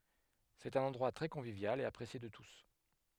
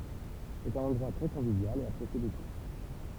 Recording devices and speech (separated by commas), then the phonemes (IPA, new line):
headset microphone, temple vibration pickup, read sentence
sɛt œ̃n ɑ̃dʁwa tʁɛ kɔ̃vivjal e apʁesje də tus